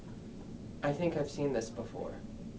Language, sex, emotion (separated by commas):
English, male, neutral